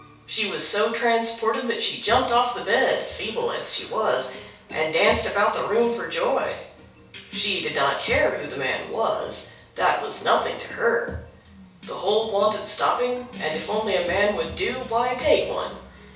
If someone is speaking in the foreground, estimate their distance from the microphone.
3.0 m.